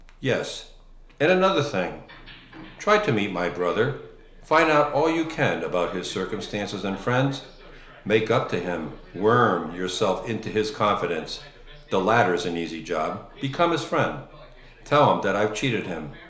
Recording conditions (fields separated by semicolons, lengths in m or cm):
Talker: one person; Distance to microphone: 1.0 m; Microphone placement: close; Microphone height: 1.1 m; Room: small (3.7 m by 2.7 m); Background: television